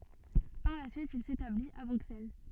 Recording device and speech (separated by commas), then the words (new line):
soft in-ear microphone, read sentence
Par la suite, il s'établit à Bruxelles.